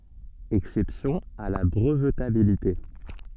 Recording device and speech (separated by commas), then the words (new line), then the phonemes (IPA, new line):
soft in-ear microphone, read sentence
Exceptions à la brevetabilité.
ɛksɛpsjɔ̃z a la bʁəvtabilite